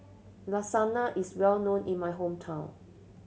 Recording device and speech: mobile phone (Samsung C7100), read sentence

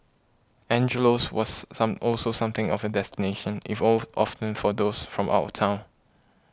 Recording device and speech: close-talking microphone (WH20), read sentence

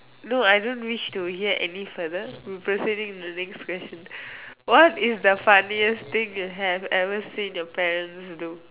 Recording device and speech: telephone, conversation in separate rooms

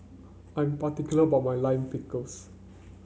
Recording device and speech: mobile phone (Samsung C9), read sentence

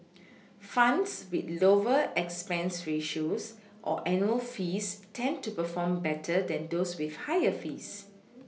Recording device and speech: mobile phone (iPhone 6), read sentence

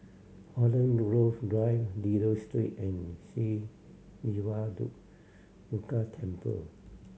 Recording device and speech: mobile phone (Samsung C7100), read sentence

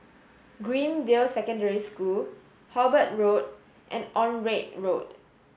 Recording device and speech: mobile phone (Samsung S8), read sentence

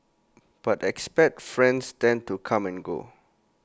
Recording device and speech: close-talking microphone (WH20), read sentence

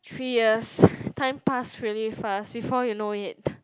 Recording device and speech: close-talking microphone, conversation in the same room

